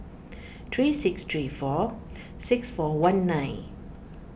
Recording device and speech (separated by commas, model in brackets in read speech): boundary microphone (BM630), read sentence